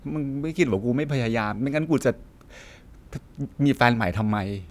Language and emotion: Thai, sad